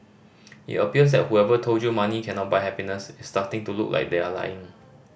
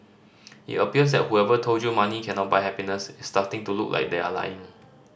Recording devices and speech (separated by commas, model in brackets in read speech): boundary microphone (BM630), standing microphone (AKG C214), read sentence